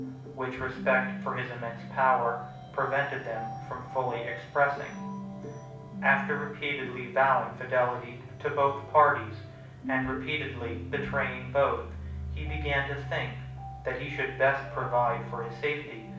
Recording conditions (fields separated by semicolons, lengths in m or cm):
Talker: one person; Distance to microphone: 5.8 m; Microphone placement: far; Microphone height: 1.8 m; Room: medium-sized (5.7 m by 4.0 m); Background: music